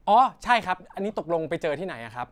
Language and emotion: Thai, neutral